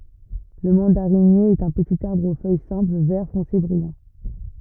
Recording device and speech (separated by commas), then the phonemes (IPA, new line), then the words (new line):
rigid in-ear microphone, read sentence
lə mɑ̃daʁinje ɛt œ̃ pətit aʁbʁ o fœj sɛ̃pl vɛʁ fɔ̃se bʁijɑ̃
Le mandarinier est un petit arbre aux feuilles simples vert foncé brillant.